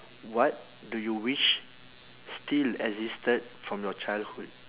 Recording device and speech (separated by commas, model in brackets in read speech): telephone, conversation in separate rooms